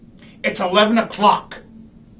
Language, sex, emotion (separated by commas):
English, male, angry